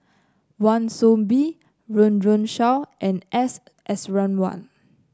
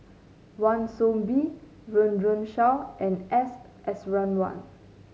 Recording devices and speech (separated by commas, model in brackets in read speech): close-talking microphone (WH30), mobile phone (Samsung C9), read sentence